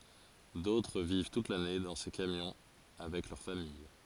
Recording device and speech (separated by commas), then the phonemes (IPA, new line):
forehead accelerometer, read sentence
dotʁ viv tut lane dɑ̃ se kamjɔ̃ avɛk lœʁ famij